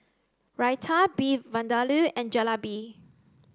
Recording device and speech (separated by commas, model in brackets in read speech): close-talking microphone (WH30), read sentence